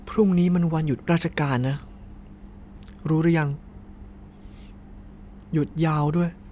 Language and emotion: Thai, sad